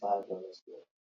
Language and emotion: English, sad